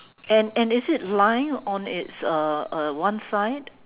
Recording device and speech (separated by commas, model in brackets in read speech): telephone, conversation in separate rooms